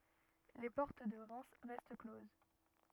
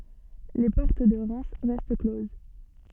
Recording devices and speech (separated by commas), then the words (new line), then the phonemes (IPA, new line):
rigid in-ear microphone, soft in-ear microphone, read sentence
Les portes de Reims restent closes.
le pɔʁt də ʁɛm ʁɛst kloz